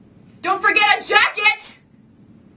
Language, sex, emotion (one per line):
English
female
angry